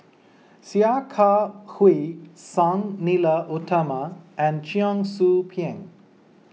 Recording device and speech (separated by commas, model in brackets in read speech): mobile phone (iPhone 6), read sentence